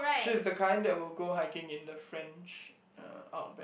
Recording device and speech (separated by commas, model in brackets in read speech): boundary microphone, conversation in the same room